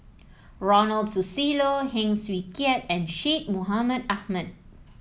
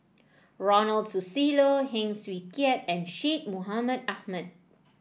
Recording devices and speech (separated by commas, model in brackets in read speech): mobile phone (iPhone 7), boundary microphone (BM630), read sentence